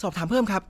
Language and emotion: Thai, neutral